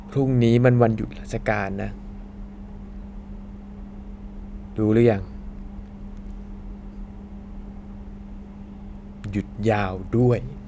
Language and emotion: Thai, frustrated